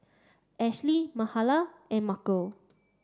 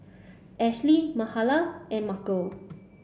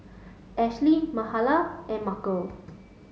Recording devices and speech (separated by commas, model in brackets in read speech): standing microphone (AKG C214), boundary microphone (BM630), mobile phone (Samsung S8), read sentence